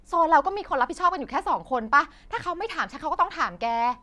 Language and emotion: Thai, angry